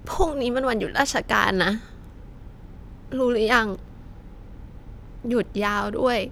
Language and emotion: Thai, sad